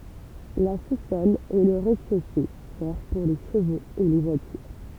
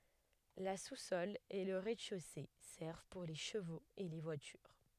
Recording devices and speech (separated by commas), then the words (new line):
temple vibration pickup, headset microphone, read sentence
La sous-sol et le rez-de-chaussée servent pour les chevaux et les voitures.